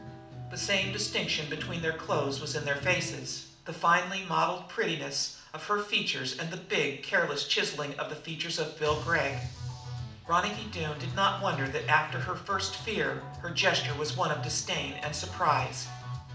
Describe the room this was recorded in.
A mid-sized room.